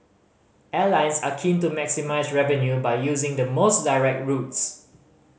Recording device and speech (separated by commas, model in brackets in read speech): mobile phone (Samsung C5010), read sentence